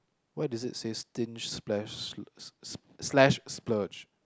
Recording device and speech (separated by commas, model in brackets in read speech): close-talking microphone, conversation in the same room